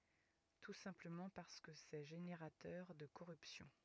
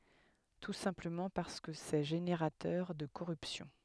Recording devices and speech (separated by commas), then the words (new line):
rigid in-ear microphone, headset microphone, read sentence
Tout simplement parce que c'est générateur de corruption.